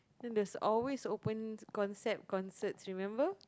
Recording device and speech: close-talking microphone, conversation in the same room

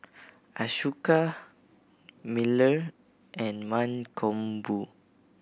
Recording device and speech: boundary microphone (BM630), read sentence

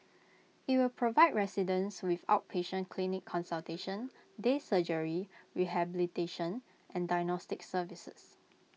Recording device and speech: mobile phone (iPhone 6), read sentence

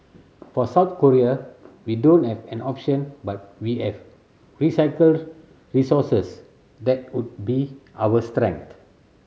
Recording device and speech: mobile phone (Samsung C7100), read sentence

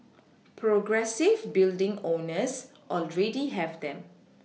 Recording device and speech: mobile phone (iPhone 6), read sentence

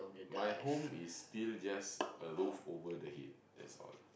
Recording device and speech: boundary microphone, conversation in the same room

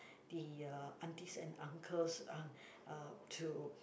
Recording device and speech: boundary microphone, conversation in the same room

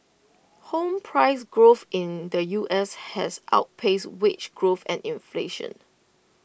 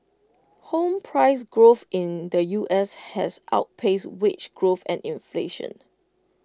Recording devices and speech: boundary microphone (BM630), close-talking microphone (WH20), read sentence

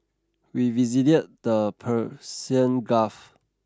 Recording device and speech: standing microphone (AKG C214), read sentence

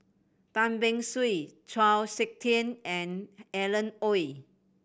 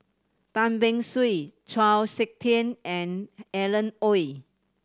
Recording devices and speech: boundary microphone (BM630), standing microphone (AKG C214), read sentence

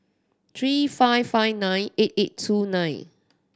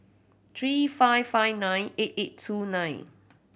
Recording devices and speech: standing microphone (AKG C214), boundary microphone (BM630), read sentence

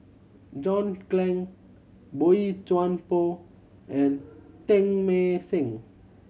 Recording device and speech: mobile phone (Samsung C7100), read sentence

